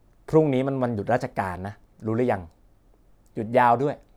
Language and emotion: Thai, frustrated